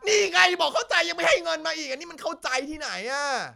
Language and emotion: Thai, angry